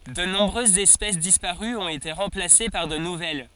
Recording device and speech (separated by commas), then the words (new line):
forehead accelerometer, read sentence
De nombreuses espèces disparues ont été remplacées par de nouvelles.